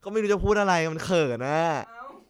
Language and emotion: Thai, happy